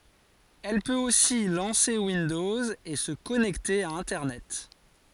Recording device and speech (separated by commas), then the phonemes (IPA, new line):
forehead accelerometer, read sentence
ɛl pøt osi lɑ̃se windɔz e sə kɔnɛkte a ɛ̃tɛʁnɛt